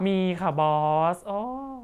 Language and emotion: Thai, frustrated